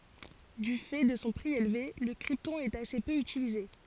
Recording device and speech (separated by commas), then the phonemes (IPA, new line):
forehead accelerometer, read sentence
dy fɛ də sɔ̃ pʁi elve lə kʁiptɔ̃ ɛt ase pø ytilize